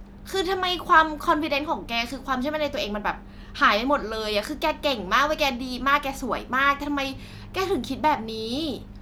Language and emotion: Thai, frustrated